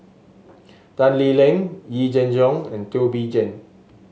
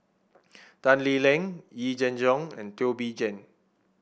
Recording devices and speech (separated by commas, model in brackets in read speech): mobile phone (Samsung S8), boundary microphone (BM630), read sentence